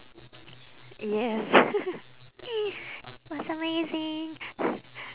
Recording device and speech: telephone, conversation in separate rooms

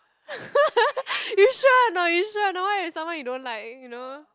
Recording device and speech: close-talking microphone, conversation in the same room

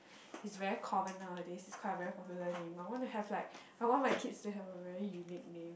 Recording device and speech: boundary microphone, conversation in the same room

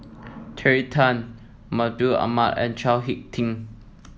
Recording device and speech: mobile phone (iPhone 7), read sentence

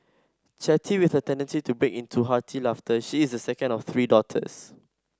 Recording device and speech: standing microphone (AKG C214), read sentence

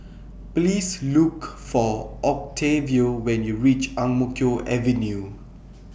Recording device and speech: boundary microphone (BM630), read sentence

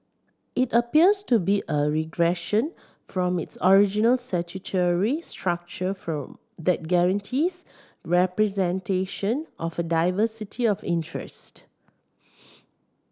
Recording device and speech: standing microphone (AKG C214), read sentence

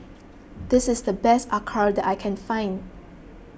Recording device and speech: boundary microphone (BM630), read sentence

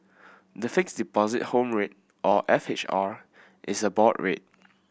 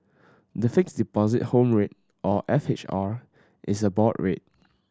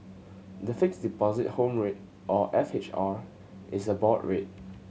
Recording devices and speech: boundary microphone (BM630), standing microphone (AKG C214), mobile phone (Samsung C7100), read sentence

